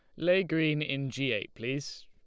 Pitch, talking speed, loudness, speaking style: 150 Hz, 195 wpm, -30 LUFS, Lombard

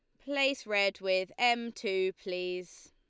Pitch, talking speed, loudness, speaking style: 195 Hz, 135 wpm, -31 LUFS, Lombard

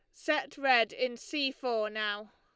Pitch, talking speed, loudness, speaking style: 250 Hz, 165 wpm, -31 LUFS, Lombard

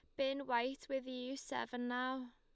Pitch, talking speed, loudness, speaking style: 255 Hz, 170 wpm, -41 LUFS, Lombard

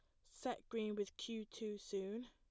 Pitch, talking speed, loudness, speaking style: 215 Hz, 175 wpm, -46 LUFS, plain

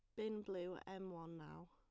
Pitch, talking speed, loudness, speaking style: 190 Hz, 240 wpm, -49 LUFS, plain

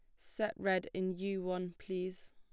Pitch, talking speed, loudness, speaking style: 185 Hz, 170 wpm, -38 LUFS, plain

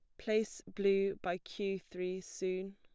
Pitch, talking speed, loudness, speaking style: 195 Hz, 140 wpm, -37 LUFS, plain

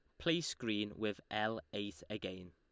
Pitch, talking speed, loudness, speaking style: 105 Hz, 155 wpm, -40 LUFS, Lombard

